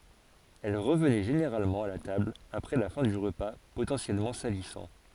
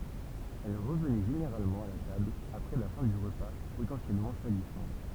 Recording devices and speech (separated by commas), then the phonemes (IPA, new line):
forehead accelerometer, temple vibration pickup, read sentence
ɛl ʁəvnɛ ʒeneʁalmɑ̃ a la tabl apʁɛ la fɛ̃ dy ʁəpa potɑ̃sjɛlmɑ̃ salisɑ̃